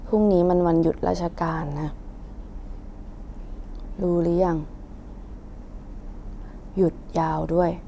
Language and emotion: Thai, frustrated